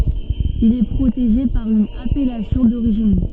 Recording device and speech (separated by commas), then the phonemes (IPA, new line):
soft in-ear microphone, read sentence
il ɛ pʁoteʒe paʁ yn apɛlasjɔ̃ doʁiʒin